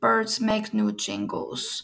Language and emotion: English, sad